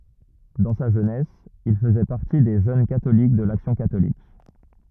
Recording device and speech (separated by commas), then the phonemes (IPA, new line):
rigid in-ear microphone, read sentence
dɑ̃ sa ʒønɛs il fəzɛ paʁti de ʒøn katolik də laksjɔ̃ katolik